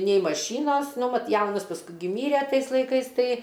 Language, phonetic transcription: Lithuanian, nei maˈšynos ˈnu ˈvat ˈjaunas pasˈkui gi ˈmyre ˈtais laiˈkais ˈtai

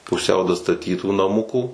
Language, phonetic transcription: Lithuanian, puˈsiau dastaˈtytų naˈmukų

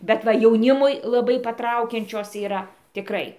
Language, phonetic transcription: Lithuanian, bet ˈva jauˈnimui laˈbai paˈtraukiančios yˈra tiˈkrai

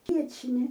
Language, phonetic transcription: Lithuanian, ˈviečni

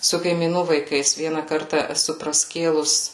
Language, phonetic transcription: Lithuanian, su kaimyˈnų vaiˈkais ˈviena ˈkarta eˈsu praˈskėlus

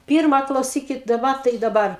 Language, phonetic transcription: Lithuanian, ˈpirma klauˈsykit daˈba tai daˈbar

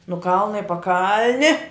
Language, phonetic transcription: Lithuanian, nu ˈkalna i paˈkalni

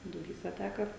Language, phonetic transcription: Lithuanian, duˈbysa ˈteka

